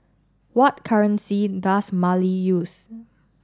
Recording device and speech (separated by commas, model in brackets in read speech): standing microphone (AKG C214), read sentence